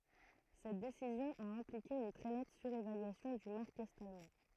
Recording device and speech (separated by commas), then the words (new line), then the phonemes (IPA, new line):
throat microphone, read sentence
Cette décision a impliqué une très nette surévaluation du mark est-allemand.
sɛt desizjɔ̃ a ɛ̃plike yn tʁɛ nɛt syʁevalyasjɔ̃ dy maʁk ɛt almɑ̃